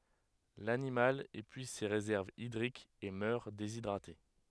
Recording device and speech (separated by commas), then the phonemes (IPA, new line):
headset microphone, read sentence
lanimal epyiz se ʁezɛʁvz idʁikz e mœʁ dezidʁate